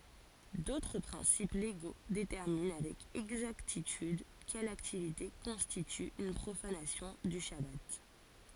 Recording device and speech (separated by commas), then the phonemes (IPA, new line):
forehead accelerometer, read sentence
dotʁ pʁɛ̃sip leɡo detɛʁmin avɛk ɛɡzaktityd kɛl aktivite kɔ̃stity yn pʁofanasjɔ̃ dy ʃaba